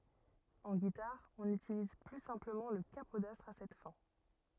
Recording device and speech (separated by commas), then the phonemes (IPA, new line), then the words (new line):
rigid in-ear microphone, read sentence
ɑ̃ ɡitaʁ ɔ̃n ytiliz ply sɛ̃pləmɑ̃ lə kapodastʁ a sɛt fɛ̃
En guitare, on utilise plus simplement le capodastre à cette fin.